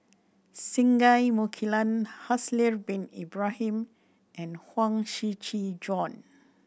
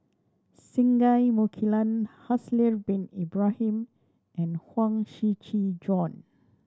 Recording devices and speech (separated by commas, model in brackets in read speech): boundary microphone (BM630), standing microphone (AKG C214), read sentence